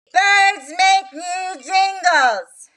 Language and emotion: English, angry